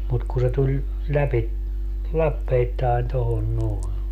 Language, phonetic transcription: Finnish, mut ku se 'tuĺ , 'läpi , "lappeittaen 'tohon 'noe .
- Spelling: mutta kun se tuli läpi lappeittain tuohon noin

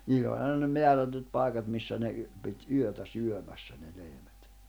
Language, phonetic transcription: Finnish, 'niill ‿oĺ 'aina ne 'meärätyt 'pài̬kat missä ne y- , pit "yötä "syömässä ne 'lehmät .
- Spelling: niillä oli aina ne määrätyt paikat missä ne - piti yötä syömässä ne lehmät

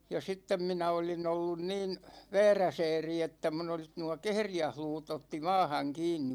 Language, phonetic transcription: Finnish, ja 'sittem minä oli'n ‿ollun 'niin , "vɛɛräsɛɛri että mun ‿olis nuå "kehrijähluutᵗ ‿otti 'maahaŋ 'kiinni .
- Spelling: ja sitten minä olin ollut niin vääräsääri että minun olisi nuo kehriäisluut otti maahan kiinni

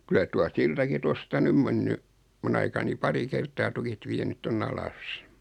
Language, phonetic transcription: Finnish, 'kylä tua 'siltaki 'tosta "ny (o)m menny , 'mun ‿aikani 'pari "ker̀taa 'tukit 'vienyt 'ton"n ‿alas .
- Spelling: kyllä tuo siltakin tuosta nyt on mennyt minun aikani pari kertaa tukit vienyt tuonne alas

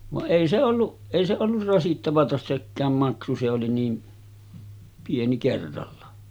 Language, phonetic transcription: Finnish, vaˀ "ˀèi se olluˀ , 'èi se ollur rasittavata 'sekkääm maksu se oli nii , 'pieni kerralla .
- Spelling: vaan ei se ollut ei se ollut rasittavaa sekään maksu se oli niin pieni kerralla

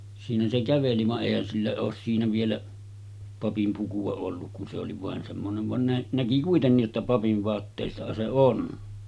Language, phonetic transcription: Finnish, siinä se 'käveli va’ '’èihän sillä oos siinä vielä , 'papim puku₍a 'olluk kun se oli vàen semmonev 'van nä-ˀ , 'näki 'kuitennij jotta papiv 'va̳a̳§ttèissahan se 'on .
- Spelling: siinä se käveli vaan eihän sillä ole siinä vielä papin pukua ollut kun se oli vain semmoinen vaan - näki kuitenkin jotta papin vaatteissahan se on

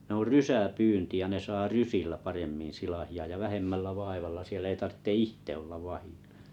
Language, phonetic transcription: Finnish, ne or 'rysä'pyynti ja 'ne saa "rysillä 'paremmin̬ 'silahi₍a ja 'vähemmällä 'vaivalla siellᵃ̈ ei 'tartte "ìhte ollav 'vahì(ʟʟᴀ) .
- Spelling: ne on rysäpyynti ja ne saa rysillä paremmin silakoita ja vähemmällä vaivalla siellä ei tarvitse itse olla vahdilla

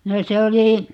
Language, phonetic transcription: Finnish, 'no 'se oli ,.
- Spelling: no se oli

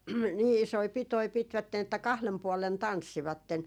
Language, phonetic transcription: Finnish, 'nii isoi 'pitoi 'pitvätten ‿että "kahlem puɔlen "tanssivatten .
- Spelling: niin isoja pitoja pitivät että kahden puolen tanssivat

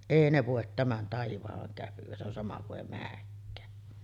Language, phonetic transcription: Finnish, 'èi ne vòet 'tämän "taivahaŋ käpyᵛä , se ‿on sama kuˀ 'ˀèi 'määkkää .
- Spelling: ei ne voi tämän taivaan käpyä se on sama kuin ei menekään

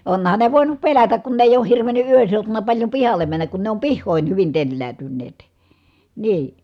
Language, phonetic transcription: Finnish, onhan ne vòinup pelätäk kun ne èij ‿ooh hirveny ʼyön seutuna paĺjo pihalle männäk kun ne om pihhòin hyvin telläätynneet , nii .
- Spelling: onhan ne voinut pelätä kun ne ei ole hirvennyt yön seutuna paljon pihalle mennä kun ne on pihoihin hyvin telläytyneet niin

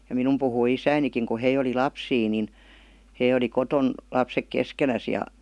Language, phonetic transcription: Finnish, ja 'minum puhui "isäinikiŋ ku 'hei oli "lapsii nin , hei oli 'koton , 'lapsek "keskenäs ja .
- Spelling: ja minun puhui isänikin kun he oli lapsia niin he oli kotona lapset keskenään ja

